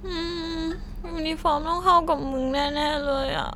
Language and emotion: Thai, sad